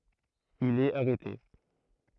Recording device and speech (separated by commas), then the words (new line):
throat microphone, read sentence
Il est arrêté.